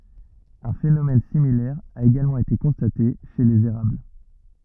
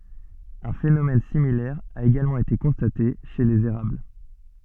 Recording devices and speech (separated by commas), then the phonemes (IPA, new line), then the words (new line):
rigid in-ear microphone, soft in-ear microphone, read sentence
œ̃ fenomɛn similɛʁ a eɡalmɑ̃ ete kɔ̃state ʃe lez eʁabl
Un phénomène similaire a également été constaté chez les érables.